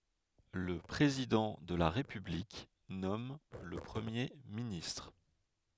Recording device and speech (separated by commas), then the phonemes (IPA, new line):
headset microphone, read sentence
lə pʁezidɑ̃ də la ʁepyblik nɔm lə pʁəmje ministʁ